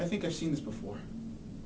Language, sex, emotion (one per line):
English
male
neutral